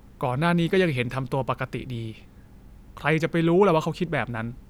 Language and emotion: Thai, frustrated